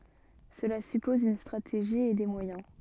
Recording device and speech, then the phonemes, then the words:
soft in-ear microphone, read sentence
səla sypɔz yn stʁateʒi e de mwajɛ̃
Cela suppose une stratégie et des moyens.

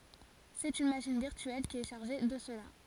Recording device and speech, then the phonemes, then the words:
forehead accelerometer, read sentence
sɛt yn maʃin viʁtyɛl ki ɛ ʃaʁʒe də səla
C'est une machine virtuelle qui est chargée de cela.

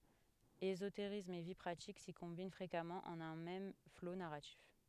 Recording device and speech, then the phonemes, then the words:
headset microphone, read sentence
ezoteʁism e vi pʁatik si kɔ̃bin fʁekamɑ̃ ɑ̃n œ̃ mɛm flo naʁatif
Ésotérisme et vie pratique s'y combinent fréquemment en un même flot narratif.

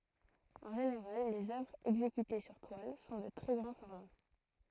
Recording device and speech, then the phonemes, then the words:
throat microphone, read sentence
ɑ̃ ʒeneʁal lez œvʁz ɛɡzekyte syʁ twal sɔ̃ də tʁɛ ɡʁɑ̃ fɔʁma
En général, les œuvres exécutées sur toile sont de très grand format.

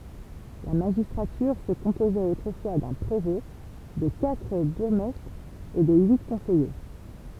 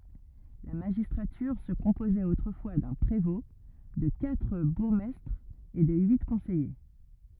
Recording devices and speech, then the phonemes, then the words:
temple vibration pickup, rigid in-ear microphone, read sentence
la maʒistʁatyʁ sə kɔ̃pozɛt otʁəfwa dœ̃ pʁevɔ̃ də katʁ buʁɡmɛstʁz e də yi kɔ̃sɛje
La magistrature se composait autrefois d'un prévôt, de quatre bourgmestres et de huit conseillers.

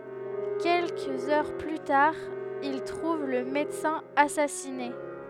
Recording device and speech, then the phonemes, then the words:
headset microphone, read sentence
kɛlkəz œʁ ply taʁ il tʁuv lə medəsɛ̃ asasine
Quelques heures plus tard, il trouve le médecin assassiné.

